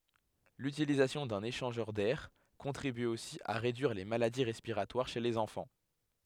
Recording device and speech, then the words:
headset microphone, read sentence
L'utilisation d'un échangeur d'air contribue aussi à réduire les maladies respiratoires chez les enfants.

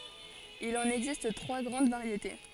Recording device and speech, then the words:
forehead accelerometer, read sentence
Il en existe trois grandes variétés.

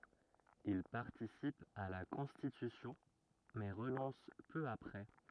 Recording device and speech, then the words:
rigid in-ear microphone, read sentence
Il participe à la Constitution, mais renonce peu après.

